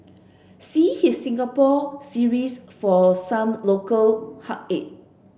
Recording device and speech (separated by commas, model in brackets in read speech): boundary microphone (BM630), read sentence